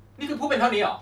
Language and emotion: Thai, angry